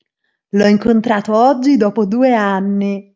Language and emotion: Italian, happy